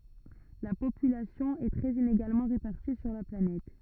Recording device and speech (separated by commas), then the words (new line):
rigid in-ear microphone, read sentence
La population est très inégalement répartie sur la planète.